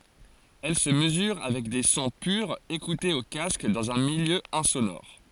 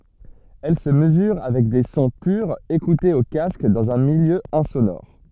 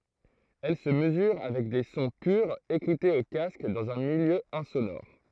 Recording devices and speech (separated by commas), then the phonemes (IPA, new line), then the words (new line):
forehead accelerometer, soft in-ear microphone, throat microphone, read sentence
ɛl sə məzyʁ avɛk de sɔ̃ pyʁz ekutez o kask dɑ̃z œ̃ miljø ɛ̃sonɔʁ
Elle se mesure avec des sons purs écoutés au casque dans un milieu insonore.